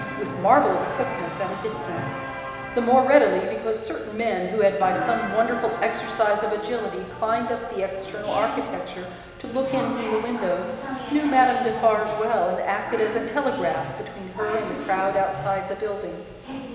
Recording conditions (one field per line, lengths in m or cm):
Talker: one person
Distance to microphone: 1.7 m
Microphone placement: close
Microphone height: 1.0 m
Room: very reverberant, large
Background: television